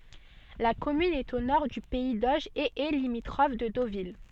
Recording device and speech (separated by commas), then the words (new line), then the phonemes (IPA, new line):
soft in-ear microphone, read sentence
La commune est au nord du pays d'Auge et est limitrophe de Deauville.
la kɔmyn ɛt o nɔʁ dy pɛi doʒ e ɛ limitʁɔf də dovil